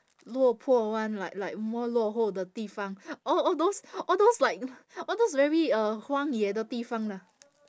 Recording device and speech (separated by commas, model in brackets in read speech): standing microphone, conversation in separate rooms